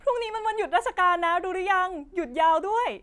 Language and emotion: Thai, happy